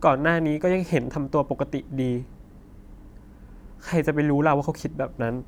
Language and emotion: Thai, sad